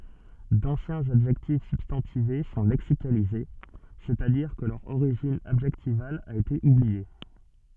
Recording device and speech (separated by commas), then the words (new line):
soft in-ear microphone, read sentence
D'anciens adjectifs substantivés sont lexicalisés, c'est-à-dire que leur origine adjectivale a été oubliée.